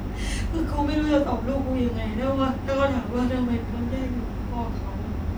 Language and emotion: Thai, sad